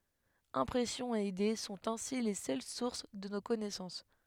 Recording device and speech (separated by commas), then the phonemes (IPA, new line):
headset microphone, read sentence
ɛ̃pʁɛsjɔ̃z e ide sɔ̃t ɛ̃si le sœl suʁs də no kɔnɛsɑ̃s